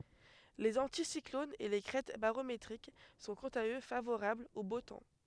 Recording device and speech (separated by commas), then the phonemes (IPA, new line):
headset microphone, read sentence
lez ɑ̃tisiklonz e le kʁɛt baʁometʁik sɔ̃ kɑ̃t a ø favoʁablz o bo tɑ̃